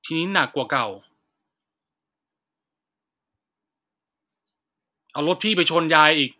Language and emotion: Thai, frustrated